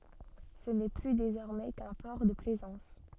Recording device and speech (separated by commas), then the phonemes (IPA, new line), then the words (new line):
soft in-ear microphone, read sentence
sə nɛ ply dezɔʁmɛ kœ̃ pɔʁ də plɛzɑ̃s
Ce n'est plus désormais qu'un port de plaisance.